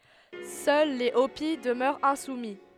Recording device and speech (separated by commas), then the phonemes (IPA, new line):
headset microphone, read sentence
sœl le opi dəmœʁt ɛ̃sumi